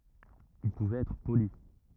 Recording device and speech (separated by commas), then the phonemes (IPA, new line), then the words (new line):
rigid in-ear microphone, read sentence
il puvɛt ɛtʁ poli
Il pouvait être poli.